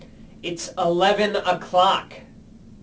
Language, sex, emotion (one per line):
English
male
angry